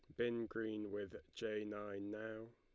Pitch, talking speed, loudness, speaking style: 110 Hz, 155 wpm, -45 LUFS, Lombard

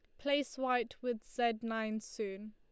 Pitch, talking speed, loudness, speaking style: 235 Hz, 155 wpm, -37 LUFS, Lombard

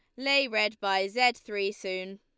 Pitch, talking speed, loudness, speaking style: 210 Hz, 180 wpm, -28 LUFS, Lombard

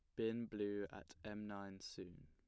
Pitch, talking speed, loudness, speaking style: 100 Hz, 175 wpm, -47 LUFS, plain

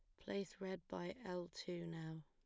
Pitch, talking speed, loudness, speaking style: 180 Hz, 175 wpm, -48 LUFS, plain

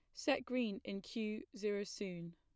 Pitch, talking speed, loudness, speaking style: 210 Hz, 165 wpm, -41 LUFS, plain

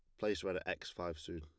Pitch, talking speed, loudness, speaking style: 85 Hz, 305 wpm, -41 LUFS, plain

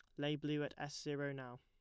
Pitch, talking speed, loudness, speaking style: 145 Hz, 255 wpm, -43 LUFS, plain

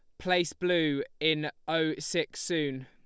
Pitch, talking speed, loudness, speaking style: 155 Hz, 135 wpm, -30 LUFS, Lombard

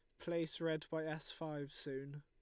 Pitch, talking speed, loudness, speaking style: 155 Hz, 180 wpm, -43 LUFS, Lombard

